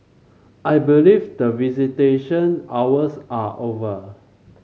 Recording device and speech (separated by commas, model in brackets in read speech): mobile phone (Samsung C5), read sentence